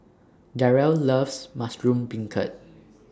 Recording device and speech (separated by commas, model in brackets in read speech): standing microphone (AKG C214), read sentence